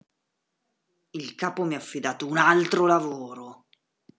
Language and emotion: Italian, angry